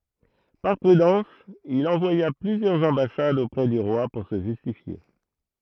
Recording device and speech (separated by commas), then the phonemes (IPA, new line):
throat microphone, read sentence
paʁ pʁydɑ̃s il ɑ̃vwaja plyzjœʁz ɑ̃basadz opʁɛ dy ʁwa puʁ sə ʒystifje